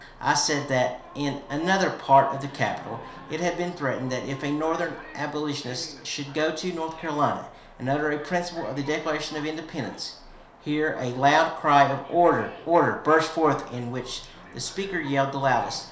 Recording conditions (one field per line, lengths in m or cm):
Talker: one person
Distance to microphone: 1.0 m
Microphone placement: close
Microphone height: 1.1 m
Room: small (3.7 m by 2.7 m)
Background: television